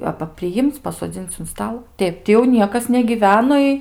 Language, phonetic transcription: Lithuanian, ˈaba priˈjim'c' pasoˈdzin'c' un ˈstal ˈteip ti jau ˈniekas negyˈveno i

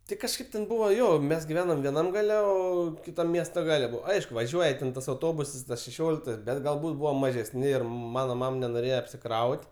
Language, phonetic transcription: Lithuanian, ˈti kažˈkaip ten ˈbuvo ˈjo ˈmes giˈvenom vieˈnam ˈgale ˈo kiˈtam ˈmiesto ˈgale ˈbuvo ˈaišku vaˈžiuoja ten tas auˈtobusas tas šeˈšioliktas ˈbet galˈbūt ˈbuvom mažesˈni ˈir ˈmano ˈmam nenoˈrėje apsiˈkraut'

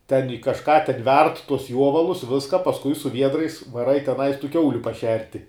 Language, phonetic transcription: Lithuanian, ten ji kaˈžką ten ˈverd tus ˈjuovalus ˈviska pasˈkui su ˈviedrais vaˈrai teˈnais tų ˈkiauliu paˈšerti

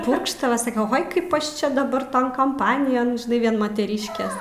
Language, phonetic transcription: Lithuanian, ˈpurkštava saˈke ˈoj ˈkaip ˈaš ˈčia daˈbar ˈton kamˈpanijon žiˈnai ˈvien mateˈryškės

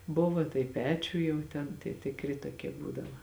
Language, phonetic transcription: Lithuanian, ˈbuva tai ˈpečiuj jau ˈten tie tiˈkri toˈkie ˈbūdava

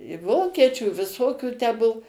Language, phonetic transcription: Lithuanian, i ˈvokiečių i viˈsokių tę ˈbuo

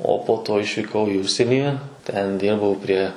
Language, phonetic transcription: Lithuanian, o po ˈto išvyˈkau i ˈužsienį ten ˈdirbau prie

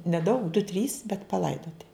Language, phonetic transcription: Lithuanian, neˈdaug du trys bet paˈlaidoti

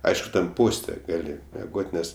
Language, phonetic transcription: Lithuanian, ˈaišku ten ˈposte ˈgali meˈgot' ˈnes

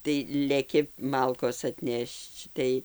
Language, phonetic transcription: Lithuanian, tai leˈki ˈmalkos atˈnešč ˈtai

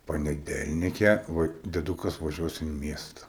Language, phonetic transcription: Lithuanian, paneˈdelnike ˈva deˈdukas vaˈžiuos in ˈmiesta

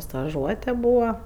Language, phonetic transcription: Lithuanian, staˈžuote ˈbūva

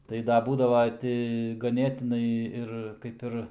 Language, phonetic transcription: Lithuanian, ˈtai da ˈbūdava ˈti gaˈnėtinai ˈir kaip ˈir

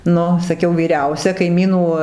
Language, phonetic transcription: Lithuanian, ˈnu saˈkiau vyˈriausia kaiˈmynų

